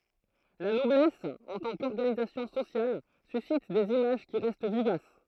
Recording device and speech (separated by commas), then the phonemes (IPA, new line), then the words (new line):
throat microphone, read sentence
la nɔblɛs ɑ̃ tɑ̃ kɔʁɡanizasjɔ̃ sosjal sysit dez imaʒ ki ʁɛst vivas
La noblesse en tant qu'organisation sociale suscite des images qui restent vivaces.